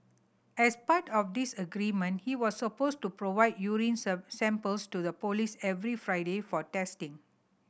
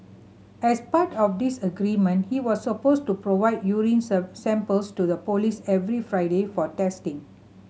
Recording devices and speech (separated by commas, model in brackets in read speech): boundary microphone (BM630), mobile phone (Samsung C7100), read sentence